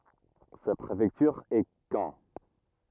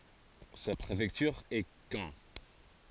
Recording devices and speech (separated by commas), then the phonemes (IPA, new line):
rigid in-ear microphone, forehead accelerometer, read sentence
sa pʁefɛktyʁ ɛ kɑ̃